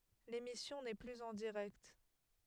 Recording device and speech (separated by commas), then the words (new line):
headset microphone, read sentence
L'émission n'est plus en direct.